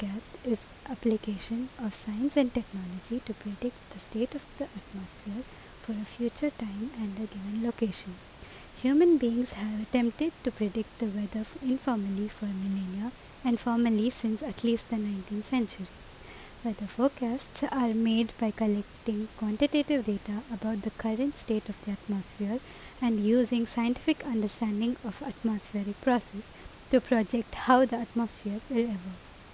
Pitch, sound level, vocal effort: 225 Hz, 79 dB SPL, normal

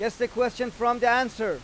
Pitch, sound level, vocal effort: 240 Hz, 99 dB SPL, very loud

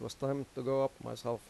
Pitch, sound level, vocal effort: 130 Hz, 87 dB SPL, normal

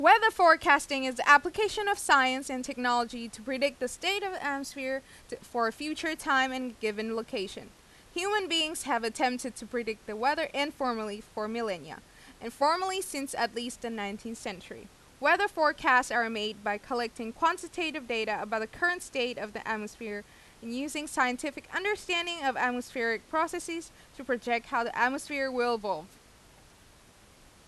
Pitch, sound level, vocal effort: 260 Hz, 92 dB SPL, very loud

